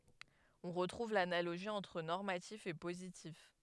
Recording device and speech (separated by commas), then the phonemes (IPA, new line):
headset microphone, read sentence
ɔ̃ ʁətʁuv lanaloʒi ɑ̃tʁ nɔʁmatif e pozitif